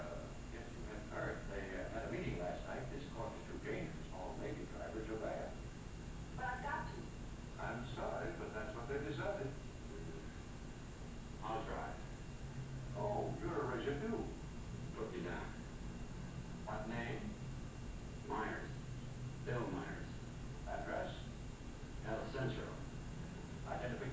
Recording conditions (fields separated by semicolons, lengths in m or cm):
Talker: no one; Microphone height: 1.0 m; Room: large; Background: television